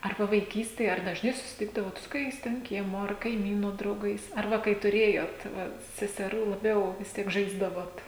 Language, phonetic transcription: Lithuanian, ar ˈva vaiˈkystėj ar dažˈnai susiˈtikdavot su koˈkiais ten ˈkiemo ar kaiˈmynu drauˈgais ar ˈva kai tuˈrėjot ˈva seseˈrų laˈbiau vis ˈtiek ˈžaisdavot

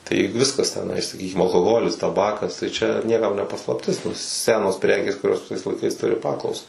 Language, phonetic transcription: Lithuanian, tai ˈviskas teˈnai saˈkykim alkoˈholis taˈbakas tai ˈčia nieˈkam ne paslapˈtis ˈsenos ˈprekės kuˈrios viˈsais laiˈkais ˈturi ˈpaklausa

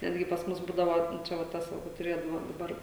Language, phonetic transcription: Lithuanian, ˈnetgi pas ˈmus ˈbūdavo ˈčia va ˈtas ˈva kur tuˈrėdavo daˈbar

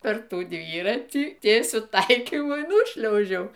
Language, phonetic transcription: Lithuanian, per ˈtų ˈdvyratį ˈtiesiu ˈtaikymu y ˈnūšliaužiau

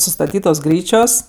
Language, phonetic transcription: Lithuanian, sustaˈtytos ˈgryčios

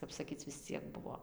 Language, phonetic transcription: Lithuanian, ˈkap saˈkyc vis ˈciek ˈbuvo

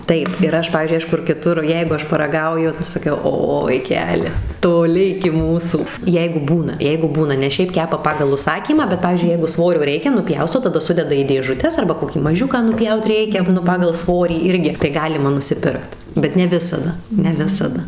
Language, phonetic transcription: Lithuanian, ˈtaip ir ˈaš ˈpavyzdžiui ˈaš ˈkur kiˈtur ˈjeigu ˈaš paraˈ gauju ˈnu saˈkiau ˈo vaiˈkeli toˈli iki ˈmūsų ˈjeigu ˈbūna ˈjeigu ˈbūna nes ˈšiaip ˈkepa ˈpagal užˈsakymą bet ˈpavyzdžiui ˈjeigu ˈsvorio ˈreikia nuˈpjausto taˈda ˈsudeda į dėžuˈtes arba koˈkį maˈžiuką nuˈpjaut ˈreikia ˈnu ˈpagal ˈsvorį ˈirgi tai ˈgalima nusiˈpirkt bet ne ˈvisada ne ˈvisada

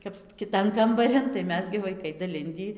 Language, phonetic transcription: Lithuanian, kaps kiˈtan kambaˈrin tai ˈmes gi vaiˈkai daˈlindį

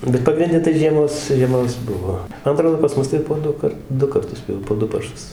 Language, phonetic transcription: Lithuanian, bet pagrinˈde tai žieˈmos žieˈmos ˈbuvo ˈman aˈtrodo pas ˈmus tai po ˈdukart ˈdu karˈtus jau po ˈdu parˈšus

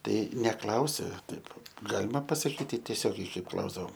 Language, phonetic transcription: Lithuanian, ˈtai neˈklausi ˈtaip ˈgalima pasaˈkyti tieˈsiogiai ˈkaip ˈklausdavom

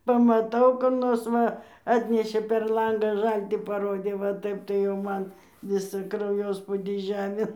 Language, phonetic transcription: Lithuanian, pamaˈtau kur ˈnors ˈva ˈatnešė per ˈlangą ˈžaltį paˈrodė va ˈtaip tai jau ˈman ˈvisą krauˈjospudį ˈžemėn

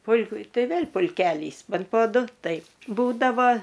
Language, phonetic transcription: Lithuanian, ˈpul'ku ˈtai ˈvėl pulˈkelys ˈbent po ˈdu ˈtaip ˈbūdavo

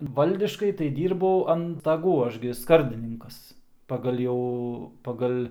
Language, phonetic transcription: Lithuanian, ˈvaldiškai tai ˈdyrbau an staˈgų ˈaš gi ˈskardininkas paˈgal' jau paˈgal'

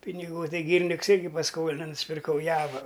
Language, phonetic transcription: Lithuanian, piniˈgų ˈtai gyriˈniks ˈirgi pasˈkolina nusipirˈkau ˈjava

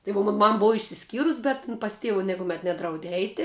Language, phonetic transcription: Lithuanian, tai vo ˈmon ˈmam ˈbov išsiˈskyrus ˈbet in pas ˈtėvu nikuˈmet ˈnedraudė ˈeiti

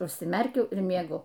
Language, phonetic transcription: Lithuanian, užsiˈmerkiau ir mieˈgu

